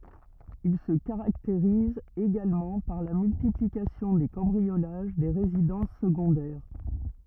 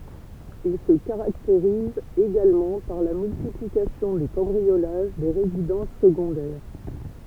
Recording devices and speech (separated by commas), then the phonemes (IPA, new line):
rigid in-ear microphone, temple vibration pickup, read sentence
il sə kaʁakteʁiz eɡalmɑ̃ paʁ la myltiplikasjɔ̃ de kɑ̃bʁiolaʒ de ʁezidɑ̃s səɡɔ̃dɛʁ